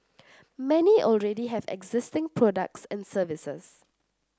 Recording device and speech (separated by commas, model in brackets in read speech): standing microphone (AKG C214), read sentence